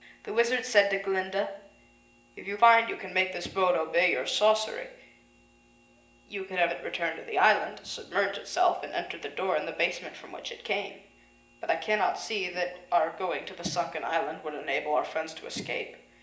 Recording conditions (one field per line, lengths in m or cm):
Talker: one person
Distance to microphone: 1.8 m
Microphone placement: close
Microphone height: 1.0 m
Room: large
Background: none